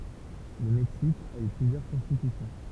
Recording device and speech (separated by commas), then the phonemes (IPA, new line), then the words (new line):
temple vibration pickup, read sentence
lə mɛksik a y plyzjœʁ kɔ̃stitysjɔ̃
Le Mexique a eu plusieurs constitutions.